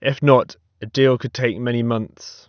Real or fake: real